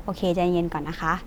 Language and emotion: Thai, neutral